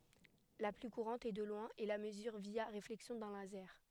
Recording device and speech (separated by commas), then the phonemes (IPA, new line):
headset microphone, read sentence
la ply kuʁɑ̃t e də lwɛ̃ ɛ la məzyʁ vja ʁeflɛksjɔ̃ dœ̃ lazɛʁ